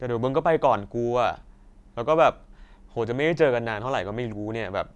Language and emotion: Thai, frustrated